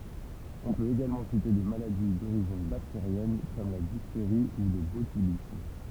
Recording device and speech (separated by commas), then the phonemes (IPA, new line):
temple vibration pickup, read sentence
ɔ̃ pøt eɡalmɑ̃ site de maladi doʁiʒin bakteʁjɛn kɔm la difteʁi u lə botylism